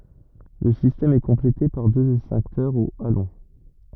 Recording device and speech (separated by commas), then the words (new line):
rigid in-ear microphone, read sentence
Le système est complété par deux extincteurs au halon.